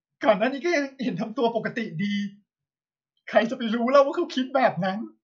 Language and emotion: Thai, sad